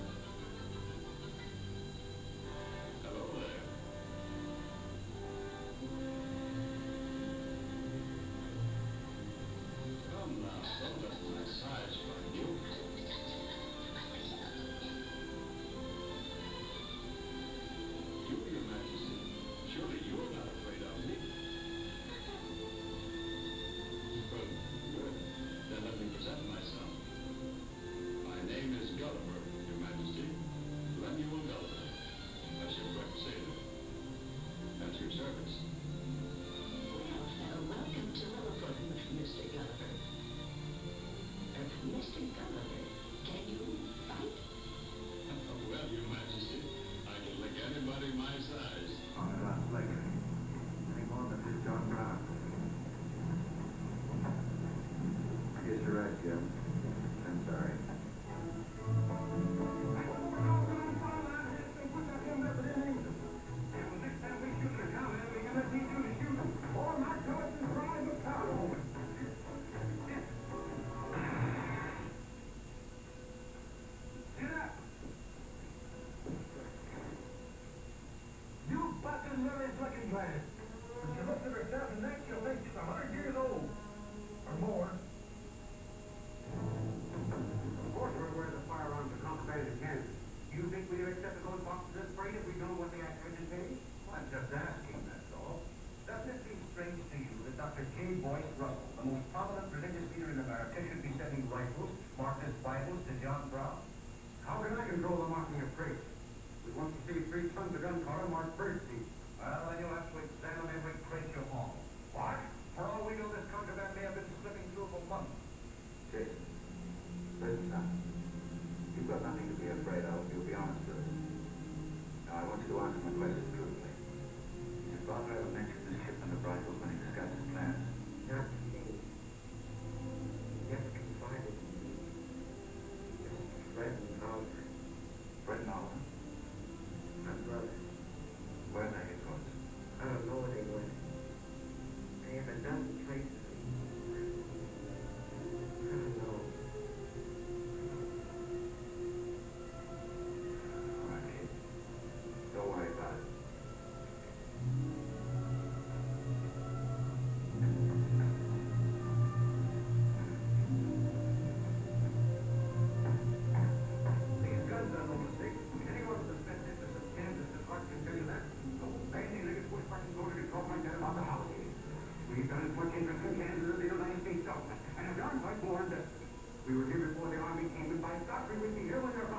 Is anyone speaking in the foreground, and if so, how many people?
No one.